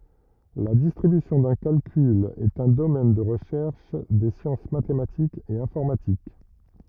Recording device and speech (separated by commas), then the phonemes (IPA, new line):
rigid in-ear microphone, read sentence
la distʁibysjɔ̃ dœ̃ kalkyl ɛt œ̃ domɛn də ʁəʃɛʁʃ de sjɑ̃s matematikz e ɛ̃fɔʁmatik